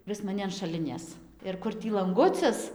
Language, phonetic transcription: Lithuanian, ˈvis maˈni an šaˈlinės ir ˈkur ˈtį lanˈgucis

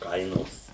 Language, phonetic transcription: Lithuanian, ˈkainos

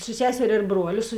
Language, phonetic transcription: Lithuanian, su ˈseserė ir ˈbruoliu su

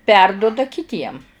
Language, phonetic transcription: Lithuanian, ˈperduda kiˈtiem

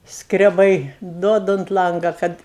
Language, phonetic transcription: Lithuanian, skreˈbai ˈduoda unt ˈlanga ˈkad

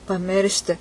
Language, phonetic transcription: Lithuanian, paˈmiršti

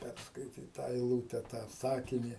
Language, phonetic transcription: Lithuanian, ˈpærskaityt ˈtą eiˈlūte tą ˈsakini

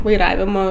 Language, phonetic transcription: Lithuanian, vaiˈravimo

